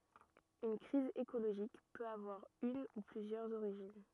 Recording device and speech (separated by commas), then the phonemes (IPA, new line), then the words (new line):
rigid in-ear microphone, read sentence
yn kʁiz ekoloʒik pøt avwaʁ yn u plyzjœʁz oʁiʒin
Une crise écologique peut avoir une ou plusieurs origines.